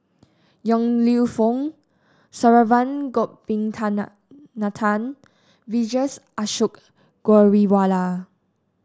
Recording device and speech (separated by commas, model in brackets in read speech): standing microphone (AKG C214), read sentence